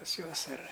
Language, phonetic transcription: Lithuanian, pas ˈjuos ar

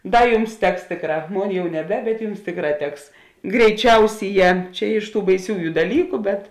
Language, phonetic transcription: Lithuanian, ˈdar ˈjums ˈteks ˈtėkˌrā ˈmon ˈjau neˈbe bet ˈjums ˈtėkˌrā ˈteks greiˈčiausyˌjē ˈčia iš tų baiˈsiųju daˈlyku bet

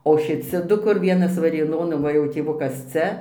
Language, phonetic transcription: Lithuanian, o šiˈci ˈdu kur ˈvienas varėˈnon o ˈva jau tėˈvukas ˈcia

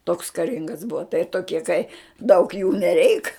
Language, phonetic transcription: Lithuanian, toks kaˈringas ˈbuva tai toˈkie kai daug jų neˈreik

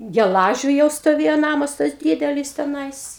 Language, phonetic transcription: Lithuanian, geˈlažiu jau stoˈvėjo ˈnamas tas ˈdydelis teˈnais

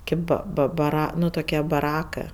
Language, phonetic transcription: Lithuanian, ˈkėp ba ˈba baˈra ˈnu toˈkie baˈrakɜ

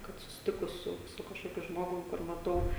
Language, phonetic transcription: Lithuanian, ˈkad susiˈtikus ˈsu su kažˈkokiu ˈžmogum kur maˈtau

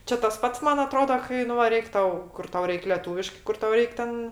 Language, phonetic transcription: Lithuanian, ˈčia tas ˈpats ˈman aˈtrodo ˈkai nu va ˈreik' ˈtau ˈkur ˈtau ˈreik leˈtūviškɜ ˈkur ˈtau ˈreik ˈten

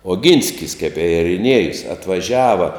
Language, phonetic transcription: Lithuanian, oˈgynskis kep i eriˈniejus atvaˈžiava

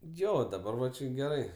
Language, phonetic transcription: Lithuanian, ˈjo daˈbar va ˈči geˈrai

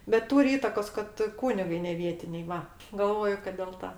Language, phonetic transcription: Lithuanian, bet ˈtūri ˈįtakos kad ˈkūnigai neˈvietiniai ˈva galˈvoju kad del ˈta

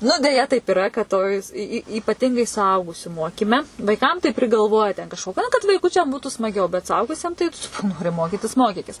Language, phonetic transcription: Lithuanian, nu deˈja taip iˈra kad ˈtoj s y y ypaˈtingai suˈaugusiu ˈmokyme vaiˈkam tai prigalˈvoja te kažko na kad vaiˈkučiam ˈbūtu smaˈgiau bet suˈaugusiem tai ˈnori ˈmokitis ˈmokikis

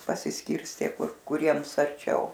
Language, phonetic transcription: Lithuanian, pasisˈkirstė ˈkur kuˈriems arˈčiau

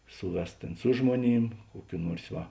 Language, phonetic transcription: Lithuanian, ˈsuˌves ˈtėn su ˈžmuoˌnym ˈkuoˌkių ˈnuors ˈva

